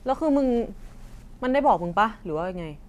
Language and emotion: Thai, frustrated